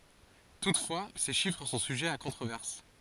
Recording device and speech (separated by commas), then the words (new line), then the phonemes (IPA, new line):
forehead accelerometer, read sentence
Toutefois, ces chiffres sont sujets à controverse.
tutfwa se ʃifʁ sɔ̃ syʒɛz a kɔ̃tʁovɛʁs